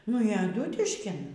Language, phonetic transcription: Lithuanian, nu y aˈdūtiškin

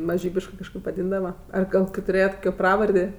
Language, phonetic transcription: Lithuanian, maˈžybiškɜ kažˈkaip vaˈdyndava ˈar ˈgal kai tuˈrėjat ˈkokio ˈpravardė

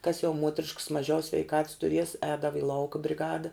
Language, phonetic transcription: Lithuanian, kas jau ˈmuotriškas maˈžiau sveiˈkats turies ˈēdava i ˈlauka briˈgada

